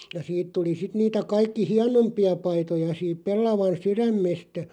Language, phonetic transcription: Finnish, ja 'siit tuli 'sit niitä 'kaikki "hianompi₍a 'paitoja siip 'pellavan "syrämmestä ,.
- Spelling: ja siitä tuli sitten niitä kaikki hienompia paitoja siitä pellavan sydämestä

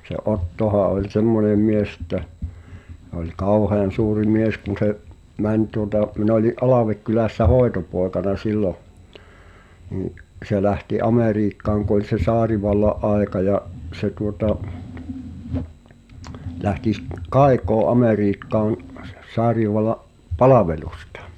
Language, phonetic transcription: Finnish, se '’Ottoha oĺ "semmone 'mies ᵉt̆tä , h̳e ‿oĺ 'kàuhean̬ suuri "mies kun se’ , 'mäń tuŏta , min ‿oli’ '’Alávekkylä̀ssä "hoetopòekana 'sillo’ , nii’ , se lähti 'Amèriikkaaŋ ku ‿oĺ se 'saarivalla’ '’aeka ja’ , se tuota , lähti s- , "kaekoo '’Amèriikkaan , sᴬ- s- , 'saariv̆valla’ , "palavelᴜstᴀ .
- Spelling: se Ottohan oli semmoinen mies että se oli kauhean suuri mies kun se meni tuota minä olin Alvekylässä hoitopoikana silloin niin se lähti Amerikkaan kun oli se tsaarivallan aika ja se tuota lähti - kaikoon Amerikkaan - - tsaarivallan palvelusta

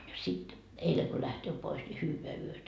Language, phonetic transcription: Finnish, ja 'sit , 'eileŋ ko lähtöö pois ni » 'hyyveä 'yötä » .
- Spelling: ja sitten eilen kun lähtee pois niin hyvää yötä

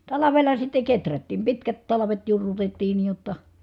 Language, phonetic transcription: Finnish, talavel̆la sitte keträttiim pitkät talavet jurrutettii nii jotta .
- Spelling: talvella sitten kehrättiin pitkät talvet jurrutettiin niin jotta

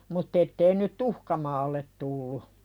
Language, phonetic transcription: Finnish, mut't ‿ettei nyt "tuhka maallet tullu .
- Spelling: mutta että ei nyt tuhka maalle tullut

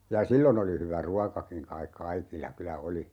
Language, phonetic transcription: Finnish, ja "sillon ‿oli hyvä 'ruakakiŋ 'kaik "kaikilla 'kylä "oli .
- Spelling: ja silloin oli hyvä ruokakin kai kaikilla kyllä oli

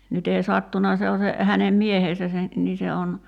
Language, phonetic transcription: Finnish, nyt ‿ei 'sattuna se o se , 'hänem "miehesä se , 'nii se on ,.
- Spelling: nyt ei sattunut se on se hänen miehensä se niin se on

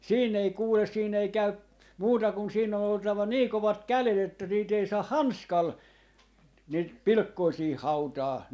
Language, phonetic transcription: Finnish, siinn ‿ei 'kuules 'siin ‿ei 'käy , 'muuta kun 'siinn ‿on oltava 'nii 'kovat "kälet ‿että niit ‿ei 'saah "hanskal , niit "pilkkoi siih "hautaa .
- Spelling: siinä ei kuule siinä ei käy muuta kuin siinä on oltava niin kovat kädet että niitä ei saa hanskalla niitä pilkkoja siihen hautaa

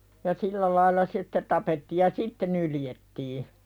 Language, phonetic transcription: Finnish, ja "sillä lailla se (sɪ)tte 'tapetti̳ ja "sitte nyljettii .
- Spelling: ja sillä lailla se sitten tapettiin ja sitten nyljettiin

